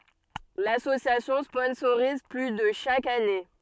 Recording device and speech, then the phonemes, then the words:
soft in-ear microphone, read sentence
lasosjasjɔ̃ spɔ̃soʁiz ply də ʃak ane
L'association sponsorise plus de chaque année.

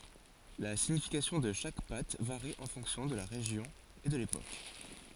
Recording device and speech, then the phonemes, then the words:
forehead accelerometer, read sentence
la siɲifikasjɔ̃ də ʃak pat vaʁi ɑ̃ fɔ̃ksjɔ̃ də la ʁeʒjɔ̃ e də lepok
La signification de chaque patte varie en fonction de la région et de l'époque.

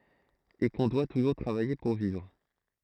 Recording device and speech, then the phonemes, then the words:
throat microphone, read sentence
e kɔ̃ dwa tuʒuʁ tʁavaje puʁ vivʁ
Et qu'on doit toujours travailler pour vivre.

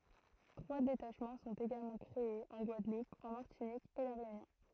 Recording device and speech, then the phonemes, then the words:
throat microphone, read sentence
tʁwa detaʃmɑ̃ sɔ̃t eɡalmɑ̃ kʁeez ɑ̃ ɡwadlup ɑ̃ maʁtinik e la ʁeynjɔ̃
Trois détachements sont également créés en Guadeloupe en Martinique et la Réunion.

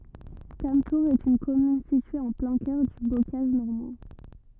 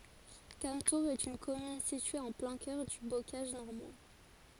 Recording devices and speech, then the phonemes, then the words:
rigid in-ear microphone, forehead accelerometer, read sentence
kamtuʁz ɛt yn kɔmyn sitye ɑ̃ plɛ̃ kœʁ dy bokaʒ nɔʁmɑ̃
Cametours est une commune située en plein cœur du bocage normand.

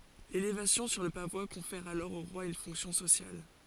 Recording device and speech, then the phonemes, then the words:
forehead accelerometer, read sentence
lelevasjɔ̃ syʁ lə pavwa kɔ̃fɛʁ alɔʁ o ʁwa yn fɔ̃ksjɔ̃ sosjal
L'élévation sur le pavois confère alors au roi une fonction sociale.

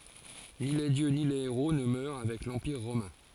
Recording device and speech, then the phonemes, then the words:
forehead accelerometer, read sentence
ni le djø ni le eʁo nə mœʁ avɛk lɑ̃piʁ ʁomɛ̃
Ni les dieux ni les héros ne meurent avec l'empire romain.

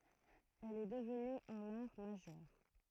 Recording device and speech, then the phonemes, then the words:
throat microphone, read sentence
ɛl ɛ dəvny œ̃n aʁ maʒœʁ
Elle est devenue un art majeur.

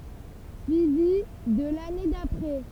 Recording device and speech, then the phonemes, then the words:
temple vibration pickup, read sentence
syivi də lane dapʁɛ
Suivi de l'année d'après.

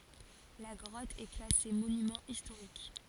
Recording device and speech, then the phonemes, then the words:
forehead accelerometer, read sentence
la ɡʁɔt ɛ klase monymɑ̃ istoʁik
La grotte est classée monument historique.

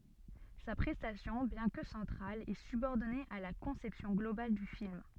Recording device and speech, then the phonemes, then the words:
soft in-ear microphone, read sentence
sa pʁɛstasjɔ̃ bjɛ̃ kə sɑ̃tʁal ɛ sybɔʁdɔne a la kɔ̃sɛpsjɔ̃ ɡlobal dy film
Sa prestation, bien que centrale, est subordonnée à la conception globale du film.

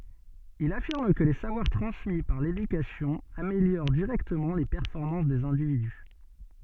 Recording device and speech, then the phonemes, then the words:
soft in-ear microphone, read sentence
il afiʁm kə le savwaʁ tʁɑ̃smi paʁ ledykasjɔ̃ ameljoʁ diʁɛktəmɑ̃ le pɛʁfɔʁmɑ̃s dez ɛ̃dividy
Il affirme que les savoir transmis par l'éducation améliorent directement les performances des individus.

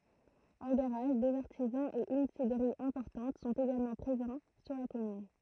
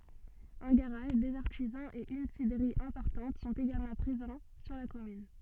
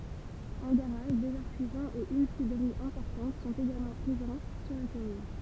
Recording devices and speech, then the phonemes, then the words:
throat microphone, soft in-ear microphone, temple vibration pickup, read sentence
œ̃ ɡaʁaʒ dez aʁtizɑ̃z e yn sidʁəʁi ɛ̃pɔʁtɑ̃t sɔ̃t eɡalmɑ̃ pʁezɑ̃ syʁ la kɔmyn
Un garage, des artisans et une cidrerie importante sont également présents sur la commune.

